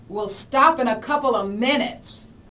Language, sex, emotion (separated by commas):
English, female, angry